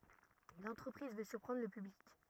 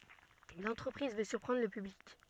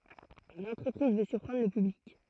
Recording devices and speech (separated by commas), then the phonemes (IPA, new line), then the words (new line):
rigid in-ear microphone, soft in-ear microphone, throat microphone, read sentence
lɑ̃tʁəpʁiz vø syʁpʁɑ̃dʁ lə pyblik
L’entreprise veut surprendre le public.